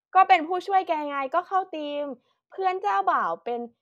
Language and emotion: Thai, happy